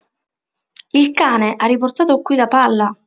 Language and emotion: Italian, surprised